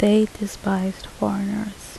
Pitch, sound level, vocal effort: 205 Hz, 74 dB SPL, soft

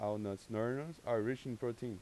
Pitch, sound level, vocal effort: 120 Hz, 89 dB SPL, normal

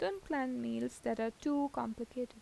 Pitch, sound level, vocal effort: 240 Hz, 82 dB SPL, soft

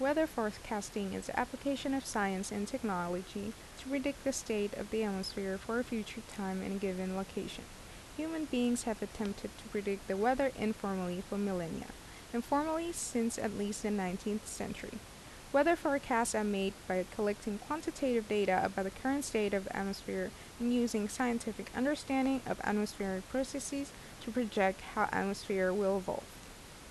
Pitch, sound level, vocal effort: 220 Hz, 79 dB SPL, normal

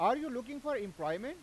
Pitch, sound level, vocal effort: 270 Hz, 100 dB SPL, very loud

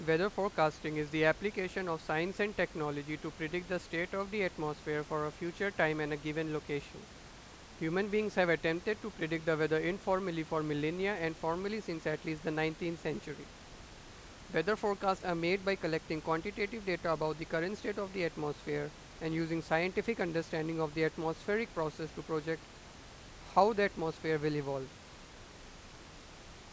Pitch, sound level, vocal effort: 165 Hz, 93 dB SPL, loud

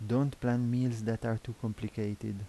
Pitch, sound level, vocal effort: 115 Hz, 80 dB SPL, soft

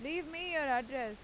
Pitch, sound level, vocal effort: 275 Hz, 96 dB SPL, very loud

